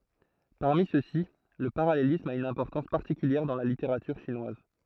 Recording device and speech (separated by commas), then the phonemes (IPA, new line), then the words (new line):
throat microphone, read sentence
paʁmi søksi lə paʁalelism a yn ɛ̃pɔʁtɑ̃s paʁtikyljɛʁ dɑ̃ la liteʁatyʁ ʃinwaz
Parmi ceux-ci le parallélisme a une importance particulière dans la littérature chinoise.